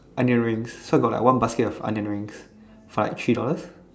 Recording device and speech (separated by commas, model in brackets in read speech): standing microphone, conversation in separate rooms